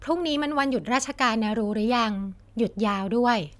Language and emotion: Thai, neutral